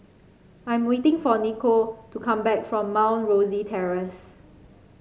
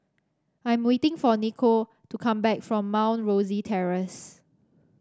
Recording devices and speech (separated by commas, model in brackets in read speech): mobile phone (Samsung C5), standing microphone (AKG C214), read sentence